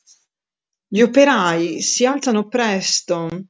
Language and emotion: Italian, neutral